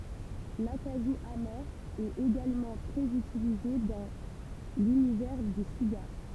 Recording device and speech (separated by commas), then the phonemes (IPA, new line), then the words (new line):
temple vibration pickup, read sentence
lakaʒu ame ɛt eɡalmɑ̃ tʁɛz ytilize dɑ̃ lynivɛʁ dy siɡaʁ
L'acajou amer est également très utilisé dans l'univers du cigare.